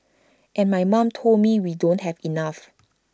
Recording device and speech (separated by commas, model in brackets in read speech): standing microphone (AKG C214), read sentence